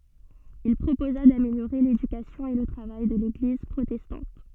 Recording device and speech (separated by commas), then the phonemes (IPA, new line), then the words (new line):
soft in-ear microphone, read sentence
il pʁopoza dameljoʁe ledykasjɔ̃ e lə tʁavaj də leɡliz pʁotɛstɑ̃t
Il proposa d'améliorer l'éducation et le travail de l'église protestante.